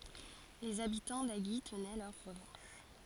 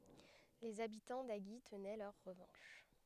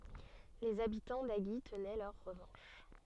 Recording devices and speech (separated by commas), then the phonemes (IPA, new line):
forehead accelerometer, headset microphone, soft in-ear microphone, read sentence
lez abitɑ̃ aʒi tənɛ lœʁ ʁəvɑ̃ʃ